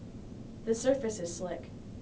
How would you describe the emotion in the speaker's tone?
neutral